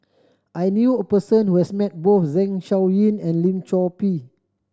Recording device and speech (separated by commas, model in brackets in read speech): standing microphone (AKG C214), read sentence